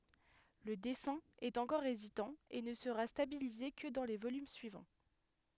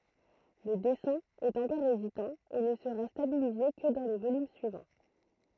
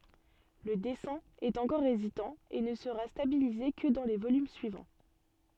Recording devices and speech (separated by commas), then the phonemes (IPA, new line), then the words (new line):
headset microphone, throat microphone, soft in-ear microphone, read sentence
lə dɛsɛ̃ ɛt ɑ̃kɔʁ ezitɑ̃ e nə səʁa stabilize kə dɑ̃ lə volym syivɑ̃
Le dessin est encore hésitant et ne sera stabilisé que dans le volume suivant.